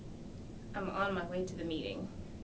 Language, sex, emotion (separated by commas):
English, female, neutral